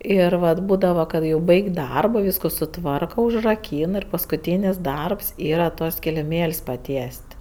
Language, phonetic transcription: Lithuanian, ˈir vat ˈbūdava ˈkad jau ˈbaig' ˈdarbo ˈvysko suˈtvarka užraˈkyn ir paskuˈtynis ˈdarbs ˈyra tuos kiliˈmėl's' paˈties't'

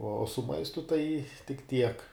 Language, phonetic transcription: Lithuanian, o su ˈmaistu tai tik ˈtiek

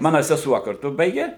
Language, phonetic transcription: Lithuanian, ˈmana seˈsuo karˈtu ˈbaigė

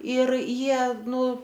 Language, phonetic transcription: Lithuanian, ir ˈjie ˈnu

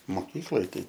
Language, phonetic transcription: Lithuanian, moˈkykloj ˈtai

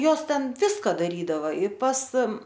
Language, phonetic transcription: Lithuanian, ˈjos ˈten ˈviska daˈrydava i pas

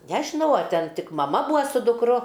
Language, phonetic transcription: Lithuanian, ˈnežinau a ˈten ˈtik maˈma ˈbūa su dukˈru

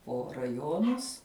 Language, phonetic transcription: Lithuanian, po raˈjonus

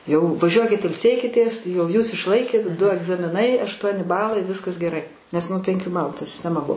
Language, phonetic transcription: Lithuanian, jau vaˈžiuokit ilˈsėkitės ˈjau ˈjūs išˈlaikėt ˈdu agzamiˈnai ašˈtuoni ˈbalai ˈviskas geˈrai nes ˈnu penˈkių ˈbalu ta sisteˈma ˈbuvo

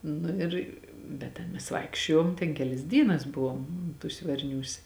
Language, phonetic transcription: Lithuanian, ˈnu ir bet ˈten mes ˈvaikščiojom ten ˈkelis ˈdynas ˈbuvom tūs' varˈniūs'

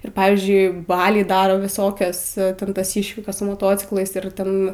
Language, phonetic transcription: Lithuanian, ir ˈpavyzdžiui ˈbaliai ˈdaro viˈsokias ˈten tas ˈyšvikas su moˈtociklais ir ˈten

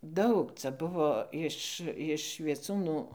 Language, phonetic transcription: Lithuanian, ˈdaug ˈcia ˈbuvo iš iš vieˈcūnų

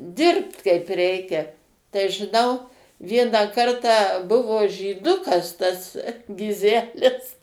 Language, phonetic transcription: Lithuanian, ˈdirbt ˈkaip ˈreikia tai žiˈnau ˈvieną ˈkartą ˈbuvo žyˈdukas tas giˈzelis

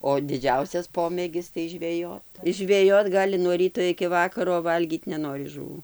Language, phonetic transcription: Lithuanian, o diˈdžiausias ˈpomėgis tai žveˈjot is žveˈjot ˈgali nuo ˈryto iki ˈvakaro o ˈvalgyt neˈnori žuˈvų

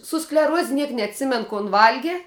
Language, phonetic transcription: Lithuanian, su skleˈruoz' ˈniek neatˈsimen kon ˈvalgi

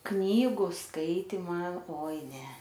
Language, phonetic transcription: Lithuanian, ˈknygu ˈskaitima ˈoi ˈne

